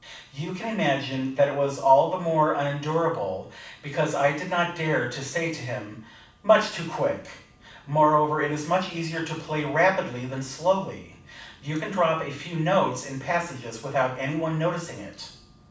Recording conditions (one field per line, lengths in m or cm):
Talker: one person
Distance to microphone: 5.8 m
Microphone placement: far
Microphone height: 1.8 m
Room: medium-sized (5.7 m by 4.0 m)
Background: none